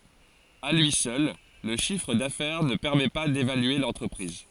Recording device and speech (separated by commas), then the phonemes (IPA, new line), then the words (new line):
forehead accelerometer, read sentence
a lyi sœl lə ʃifʁ dafɛʁ nə pɛʁmɛ pa devalye lɑ̃tʁəpʁiz
À lui seul, le chiffre d'affaires ne permet pas d'évaluer l'entreprise.